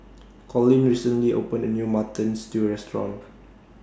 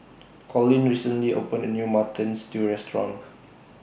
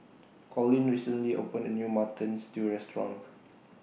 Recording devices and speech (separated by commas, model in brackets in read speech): standing microphone (AKG C214), boundary microphone (BM630), mobile phone (iPhone 6), read sentence